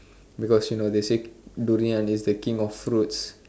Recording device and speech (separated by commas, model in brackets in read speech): standing microphone, conversation in separate rooms